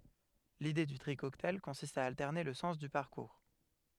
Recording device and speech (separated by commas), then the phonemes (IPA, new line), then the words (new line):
headset microphone, read sentence
lide dy tʁi kɔktaj kɔ̃sist a altɛʁne lə sɑ̃s dy paʁkuʁ
L'idée du tri cocktail consiste à alterner le sens du parcours.